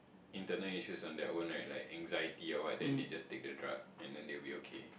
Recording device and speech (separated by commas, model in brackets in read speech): boundary microphone, conversation in the same room